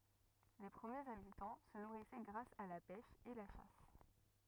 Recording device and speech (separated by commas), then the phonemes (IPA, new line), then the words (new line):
rigid in-ear microphone, read sentence
le pʁəmjez abitɑ̃ sə nuʁisɛ ɡʁas a la pɛʃ e la ʃas
Les premiers habitants se nourrissaient grâce à la pêche et la chasse.